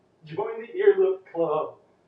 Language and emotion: English, happy